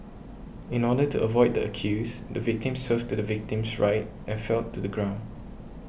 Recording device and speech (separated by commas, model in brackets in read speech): boundary microphone (BM630), read sentence